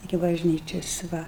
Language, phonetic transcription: Lithuanian, iki bažˈnyčias ˈva

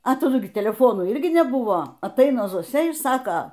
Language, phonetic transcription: Lithuanian, a taˈdu gi teleˈfonų ˈirgi neˈbuvo atˈaina zoˈsia ir ˈsaka

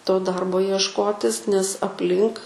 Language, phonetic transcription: Lithuanian, to ˈdarbo iešˈkotis nes apˈlink

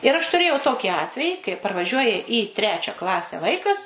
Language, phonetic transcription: Lithuanian, ir aš tuˈrėjau ˈtokį ˈatvejį kai parvaˈžiuoja į ˈtrečia ˈklase ˈvaikas

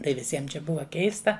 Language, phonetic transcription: Lithuanian, tai viˈsiem čia ˈbuva ˈkeista

